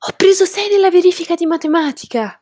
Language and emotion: Italian, surprised